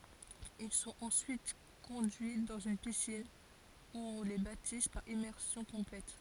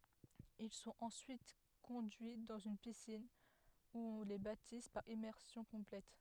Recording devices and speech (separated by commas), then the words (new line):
forehead accelerometer, headset microphone, read sentence
Ils sont ensuite conduits dans une piscine, où on les baptise par immersion complète.